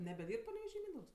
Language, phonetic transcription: Lithuanian, nebeˈdyrb paneveˈžy ˈmyndaugs

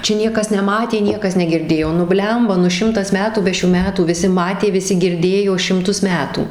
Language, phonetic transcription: Lithuanian, ˈčia ˈniekas neˈmatė ˈniekas negirˈdėjo nu ˈblemba nu ˈšimtas ˈmetų ˈbe šių ˈmetų viˈsi ˈmatė viˈsi girˈdėjo šimˈtus ˈmetų

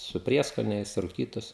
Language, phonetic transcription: Lithuanian, su ˈprieskoniais ruˈkytus

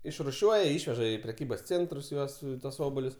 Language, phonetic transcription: Lithuanian, išruˈšiuoja ˈišveža i preˈkybas ˈcėntrus ˈjuos tuos ˈobolius

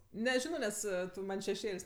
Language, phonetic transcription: Lithuanian, neˈžino ˈnes ˈtu ˈman' šeˈšėl's'

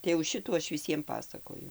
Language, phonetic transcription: Lithuanian, tai jau ˈšitų ˈaš viˈsiem ˈpasakoju

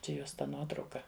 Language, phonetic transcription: Lithuanian, ˈčia ˈjos ta ˈnuotrauka

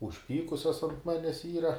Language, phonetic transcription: Lithuanian, užˈpykusios ant ˈmanęs yra

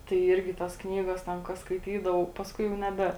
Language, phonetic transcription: Lithuanian, tai ˈyrgi ˈtas ˈknygas ˈten ka skaiˈtydavau pasˈkui jau neˈbe

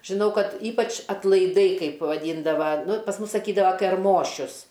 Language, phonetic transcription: Lithuanian, žiˈnau ˈkad ˈypač atlaiˈdai ˈkaip vaˈdyndava ˈnu pas ˈmus saˈkydavo kerˈmošius

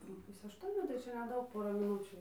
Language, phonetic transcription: Lithuanian, nu ˈpusė ašˈtuonių tai ˈčia neˈdaug ˈpora miˈnučių

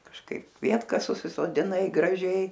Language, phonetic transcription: Lithuanian, kažˈkaip ˈkvietkas susisodiˈnai graˈžiai

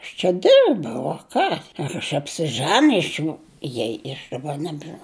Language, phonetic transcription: Lithuanian, aš čia ˈdirbau o ˈką ir aš apsiˈžænijs nu ˈjei i aš daˈba ˈnebžinau

